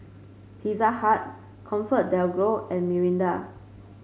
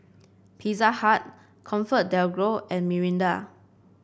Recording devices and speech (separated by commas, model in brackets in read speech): mobile phone (Samsung C5), boundary microphone (BM630), read sentence